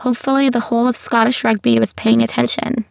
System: VC, spectral filtering